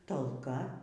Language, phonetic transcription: Lithuanian, talˈka

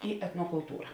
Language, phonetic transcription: Lithuanian, i etnokulˈtūra

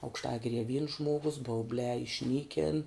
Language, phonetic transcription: Lithuanian, aukšˈtagirie vyns ˈžmuogus bauˈbliā išˈnykin

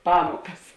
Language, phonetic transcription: Lithuanian, ˈpamuokas

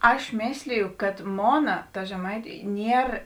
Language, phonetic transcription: Lithuanian, ˈaš ˈmėsliju kad ˈmona ta žeˈmaitiu ˈnier

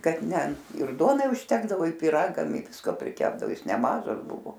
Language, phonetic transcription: Lithuanian, ˈkad ˈne ir ˈduonai užˈtekdavo ir pyˈragam i ˈvisko priˈkepdao ˈjis neˈmažas ˈbuvo

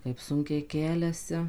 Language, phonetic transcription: Lithuanian, kaip ˈsunkiai ˈkeliasi

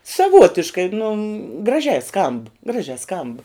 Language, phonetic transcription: Lithuanian, saˈvuotiškai nu graˈžiai skamb ˈgražia skamb

